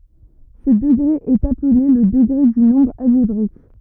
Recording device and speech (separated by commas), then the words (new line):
rigid in-ear microphone, read sentence
Ce degré est appelé le degré du nombre algébrique.